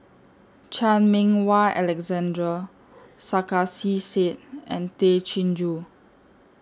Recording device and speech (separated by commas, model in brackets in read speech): standing microphone (AKG C214), read sentence